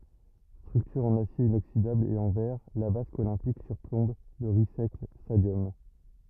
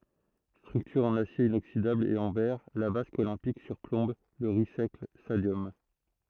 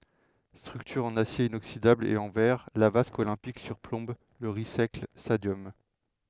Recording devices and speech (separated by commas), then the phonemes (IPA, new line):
rigid in-ear microphone, throat microphone, headset microphone, read sentence
stʁyktyʁ ɑ̃n asje inoksidabl e ɑ̃ vɛʁ la vask olɛ̃pik syʁplɔ̃b lə ʁis ɛklɛs stadjɔm